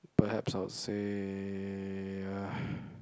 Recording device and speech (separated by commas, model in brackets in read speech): close-talking microphone, conversation in the same room